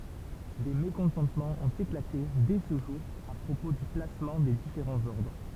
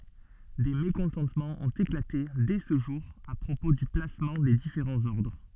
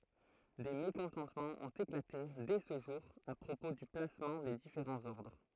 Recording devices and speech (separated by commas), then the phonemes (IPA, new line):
temple vibration pickup, soft in-ear microphone, throat microphone, read sentence
de mekɔ̃tɑ̃tmɑ̃z ɔ̃t eklate dɛ sə ʒuʁ a pʁopo dy plasmɑ̃ de difeʁɑ̃z ɔʁdʁ